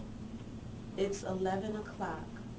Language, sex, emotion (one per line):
English
female
neutral